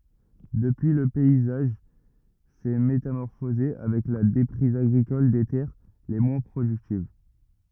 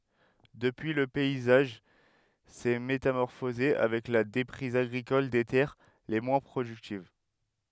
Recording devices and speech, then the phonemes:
rigid in-ear microphone, headset microphone, read sentence
dəpyi lə pɛizaʒ sɛ metamɔʁfoze avɛk la depʁiz aɡʁikɔl de tɛʁ le mwɛ̃ pʁodyktiv

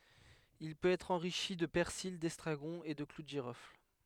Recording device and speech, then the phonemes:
headset microphone, read sentence
il pøt ɛtʁ ɑ̃ʁiʃi də pɛʁsil dɛstʁaɡɔ̃ e də klu də ʒiʁɔfl

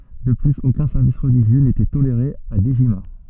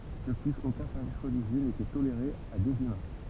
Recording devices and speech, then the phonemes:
soft in-ear microphone, temple vibration pickup, read sentence
də plyz okœ̃ sɛʁvis ʁəliʒjø netɛ toleʁe a dəʒima

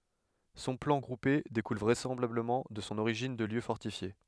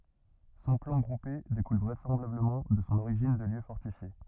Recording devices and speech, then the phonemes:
headset microphone, rigid in-ear microphone, read sentence
sɔ̃ plɑ̃ ɡʁupe dekul vʁɛsɑ̃blabləmɑ̃ də sɔ̃ oʁiʒin də ljø fɔʁtifje

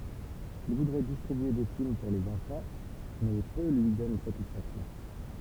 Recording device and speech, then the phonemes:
temple vibration pickup, read sentence
il vudʁɛ distʁibye de film puʁ lez ɑ̃fɑ̃ mɛ pø lyi dɔn satisfaksjɔ̃

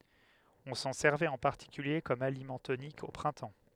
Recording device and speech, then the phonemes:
headset microphone, read sentence
ɔ̃ sɑ̃ sɛʁvɛt ɑ̃ paʁtikylje kɔm alimɑ̃ tonik o pʁɛ̃tɑ̃

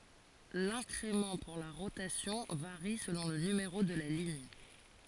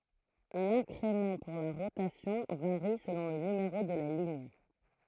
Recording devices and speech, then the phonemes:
forehead accelerometer, throat microphone, read sentence
lɛ̃kʁemɑ̃ puʁ la ʁotasjɔ̃ vaʁi səlɔ̃ lə nymeʁo də la liɲ

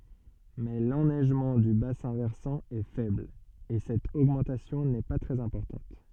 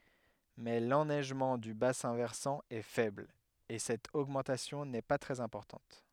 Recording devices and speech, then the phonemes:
soft in-ear microphone, headset microphone, read sentence
mɛ lɛnɛʒmɑ̃ dy basɛ̃ vɛʁsɑ̃ ɛ fɛbl e sɛt oɡmɑ̃tasjɔ̃ nɛ pa tʁɛz ɛ̃pɔʁtɑ̃t

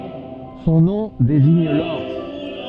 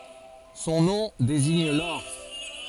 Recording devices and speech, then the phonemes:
soft in-ear microphone, forehead accelerometer, read sentence
sɔ̃ nɔ̃ deziɲ lɔʁ

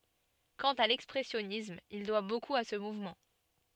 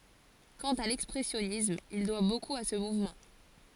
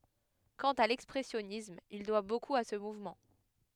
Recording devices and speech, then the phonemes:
soft in-ear microphone, forehead accelerometer, headset microphone, read sentence
kɑ̃t a lɛkspʁɛsjɔnism il dwa bokup a sə muvmɑ̃

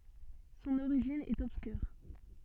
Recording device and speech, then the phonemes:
soft in-ear microphone, read sentence
sɔ̃n oʁiʒin ɛt ɔbskyʁ

